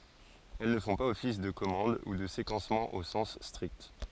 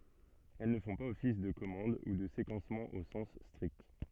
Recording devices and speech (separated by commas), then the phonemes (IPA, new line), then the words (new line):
forehead accelerometer, soft in-ear microphone, read sentence
ɛl nə fɔ̃ paz ɔfis də kɔmɑ̃d u də sekɑ̃smɑ̃ o sɑ̃s stʁikt
Elles ne font pas office de commande ou de séquencement au sens strict.